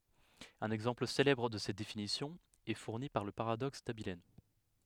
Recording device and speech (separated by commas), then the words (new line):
headset microphone, read sentence
Un exemple célèbre de cette définition est fourni par le paradoxe d'Abilene.